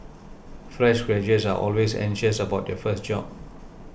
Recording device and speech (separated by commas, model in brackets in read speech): boundary microphone (BM630), read sentence